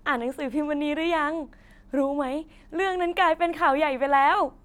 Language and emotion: Thai, happy